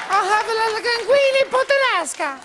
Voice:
High-pitched